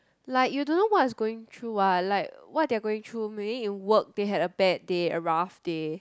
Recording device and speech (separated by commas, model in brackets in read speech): close-talking microphone, conversation in the same room